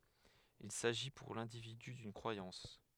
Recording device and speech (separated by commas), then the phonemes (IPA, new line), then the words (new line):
headset microphone, read sentence
il saʒi puʁ lɛ̃dividy dyn kʁwajɑ̃s
Il s'agit pour l'individu d'une croyance.